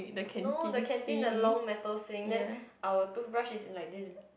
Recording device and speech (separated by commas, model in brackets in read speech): boundary microphone, conversation in the same room